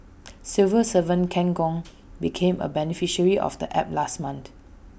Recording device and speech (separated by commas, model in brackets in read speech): boundary microphone (BM630), read sentence